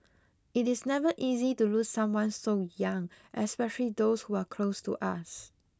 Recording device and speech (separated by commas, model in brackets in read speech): close-talking microphone (WH20), read sentence